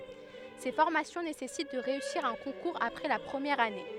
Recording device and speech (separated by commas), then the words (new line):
headset microphone, read sentence
Ces formations nécessitent de réussir un concours après la première année.